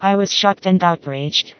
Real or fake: fake